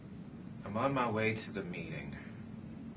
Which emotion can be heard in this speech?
disgusted